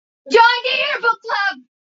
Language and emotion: English, fearful